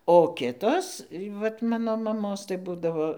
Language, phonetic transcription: Lithuanian, o ˈkitos vat ˈmano maˈmos tai ˈbūdavo

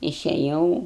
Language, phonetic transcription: Lithuanian, išeˈjau

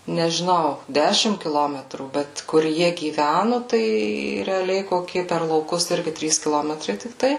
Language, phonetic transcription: Lithuanian, nežiˈnau ˈdešim kiˈlometrų ˈbet kur ˈjie gyˈvænu tai reaˈliai ˈkokie per lauˈkus ˈirgi ˈtrys kiˈlometrai tikˈtai

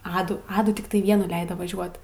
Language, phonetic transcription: Lithuanian, ˈadų ˈadų tikˈtai ˈvienų ˈleido vaˈžiuot

